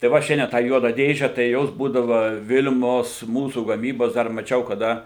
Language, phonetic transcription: Lithuanian, tai ˈva ˈšiandien tą ˈjuodą ˈdėže tai ˈjos ˈbūdava ˈvil'mos ˈmūsų gaˈmybos ˈdar maˈčiau kaˈda

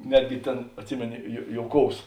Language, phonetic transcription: Lithuanian, ˈnetgi ˈtėn atˈsimėno jo ˈjouˌkous

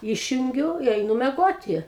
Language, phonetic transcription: Lithuanian, ˈyšjungiu i eiˈnu meˈgoti

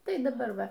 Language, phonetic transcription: Lithuanian, ˈtai daˈbar ˈva

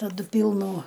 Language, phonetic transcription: Lithuanian, taˈdu ˈpylnų

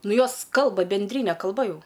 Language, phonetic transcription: Lithuanian, ˈnu ˈjos ˈkalba benˈdryne kalˈba ˈjau

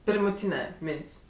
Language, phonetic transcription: Lithuanian, pirmuˈtyne ˈmėnts'

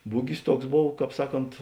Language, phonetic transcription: Lithuanian, ˈbugis ˈtuoks ˈbov ˈkāp ˈsaˌkont

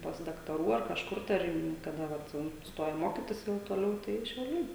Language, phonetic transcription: Lithuanian, pas daktaˈrų ar kažˈkur tai ˈar į kaˈda ˈvat va ˈstoja ˈmokitis jau toˈliau tai šiauˈliai

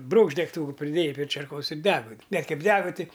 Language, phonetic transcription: Lithuanian, ˈbrūkšt degˈtūku priˈdėjai prė čerˈkos ir ˈdegu bet ˈkaip ˈdega ˈti

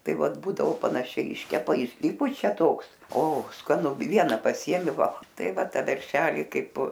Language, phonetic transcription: Lithuanian, ˈtai ˈvat ˈbūdao panaˈšiai ˈiškepa išˈsipučia ˈtoks o skaˈnu ˈviena paˈsiemi ˈval ˈtai ˈva ˈta ˈveršeli ˈkaip

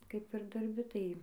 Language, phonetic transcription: Lithuanian, ˈkaip ir darˈbi tai

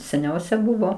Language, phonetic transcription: Lithuanian, seˈniausia ˈbuvo

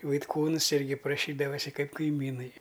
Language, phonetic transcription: Lithuanian, vaitˈkūns ˈirgi praˈšydavasi ˈkaip kaiˈmynai

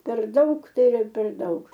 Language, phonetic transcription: Lithuanian, per ˈdaug ˈtai iˈra per ˈdaug

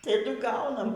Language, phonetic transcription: Lithuanian, taˈdu ˈgaunam

